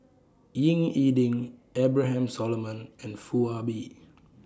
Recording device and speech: standing microphone (AKG C214), read sentence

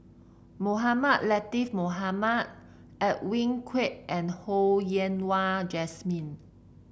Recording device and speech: boundary microphone (BM630), read sentence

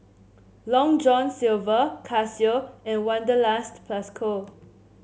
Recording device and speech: mobile phone (Samsung C7), read sentence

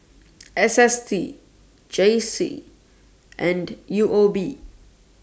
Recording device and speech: standing microphone (AKG C214), read sentence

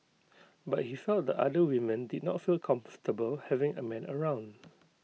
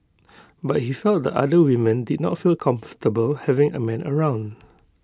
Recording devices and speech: mobile phone (iPhone 6), close-talking microphone (WH20), read sentence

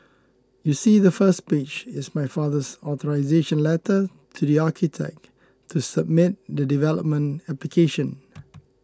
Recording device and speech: close-talking microphone (WH20), read sentence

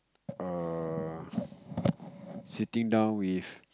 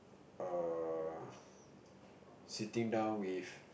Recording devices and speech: close-talking microphone, boundary microphone, conversation in the same room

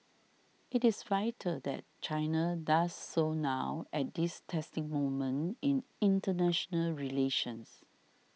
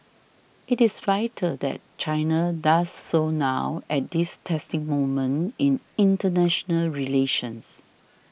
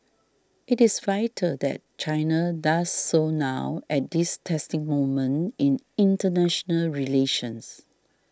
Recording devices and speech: mobile phone (iPhone 6), boundary microphone (BM630), standing microphone (AKG C214), read sentence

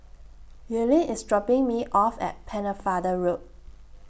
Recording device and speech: boundary microphone (BM630), read sentence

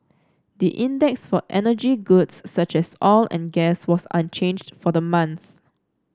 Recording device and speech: standing microphone (AKG C214), read sentence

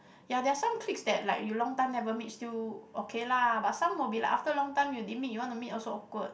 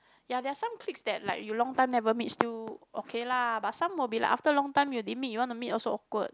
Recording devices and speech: boundary microphone, close-talking microphone, conversation in the same room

